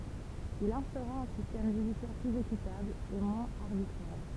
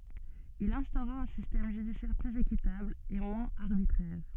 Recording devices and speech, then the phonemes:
temple vibration pickup, soft in-ear microphone, read sentence
il ɛ̃stoʁa œ̃ sistɛm ʒydisjɛʁ plyz ekitabl e mwɛ̃z aʁbitʁɛʁ

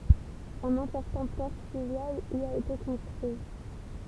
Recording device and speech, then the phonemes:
temple vibration pickup, read sentence
œ̃n ɛ̃pɔʁtɑ̃ pɔʁ flyvjal i a ete kɔ̃stʁyi

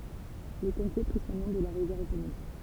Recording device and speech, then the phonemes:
temple vibration pickup, read sentence
lə kɔ̃te pʁi sɔ̃ nɔ̃ də la ʁivjɛʁ eponim

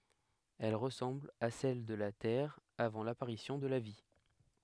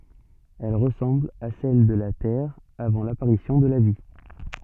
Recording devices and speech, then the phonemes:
headset microphone, soft in-ear microphone, read sentence
ɛl ʁəsɑ̃bl a sɛl də la tɛʁ avɑ̃ lapaʁisjɔ̃ də la vi

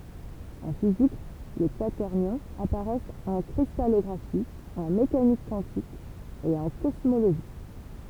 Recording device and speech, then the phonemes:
temple vibration pickup, read sentence
ɑ̃ fizik le kwatɛʁnjɔ̃z apaʁɛst ɑ̃ kʁistalɔɡʁafi ɑ̃ mekanik kwɑ̃tik e ɑ̃ kɔsmoloʒi

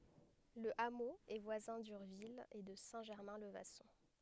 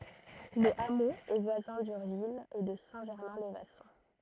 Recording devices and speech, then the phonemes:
headset microphone, throat microphone, read sentence
lə amo ɛ vwazɛ̃ dyʁvil e də sɛ̃ ʒɛʁmɛ̃ lə vasɔ̃

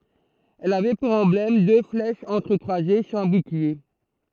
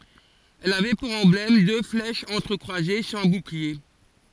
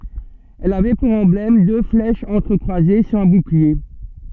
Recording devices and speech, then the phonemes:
throat microphone, forehead accelerometer, soft in-ear microphone, read sentence
ɛl avɛ puʁ ɑ̃blɛm dø flɛʃz ɑ̃tʁəkʁwaze syʁ œ̃ buklie

